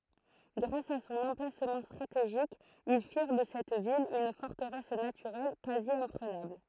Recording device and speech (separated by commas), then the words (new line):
throat microphone, read sentence
Grâce à son emplacement stratégique, ils firent de cette ville une forteresse naturelle quasi-imprenable.